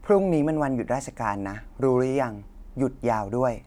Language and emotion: Thai, neutral